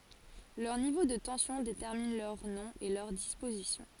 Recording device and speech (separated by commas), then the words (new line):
forehead accelerometer, read sentence
Leur niveau de tension détermine leur nom et leur disposition.